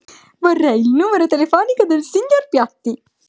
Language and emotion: Italian, happy